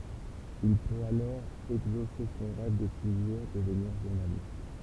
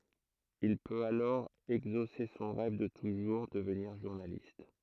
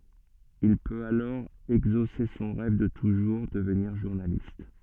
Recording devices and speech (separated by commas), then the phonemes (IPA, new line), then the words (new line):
temple vibration pickup, throat microphone, soft in-ear microphone, read sentence
il pøt alɔʁ ɛɡzose sɔ̃ ʁɛv də tuʒuʁ dəvniʁ ʒuʁnalist
Il peut alors exaucer son rêve de toujours, devenir journaliste.